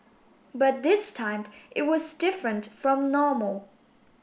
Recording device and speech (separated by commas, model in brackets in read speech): boundary microphone (BM630), read sentence